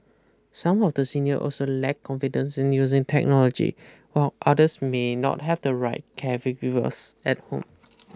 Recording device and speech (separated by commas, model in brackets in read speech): close-talking microphone (WH20), read sentence